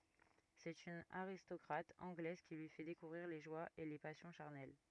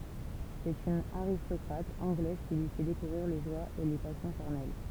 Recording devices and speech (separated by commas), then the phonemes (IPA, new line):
rigid in-ear microphone, temple vibration pickup, read sentence
sɛt yn aʁistɔkʁat ɑ̃ɡlɛz ki lyi fɛ dekuvʁiʁ le ʒwaz e le pasjɔ̃ ʃaʁnɛl